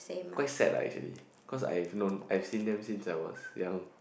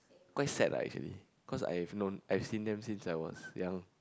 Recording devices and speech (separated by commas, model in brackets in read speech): boundary microphone, close-talking microphone, conversation in the same room